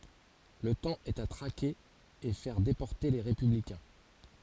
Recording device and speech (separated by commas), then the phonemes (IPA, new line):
forehead accelerometer, read sentence
lə tɑ̃ ɛt a tʁake e fɛʁ depɔʁte le ʁepyblikɛ̃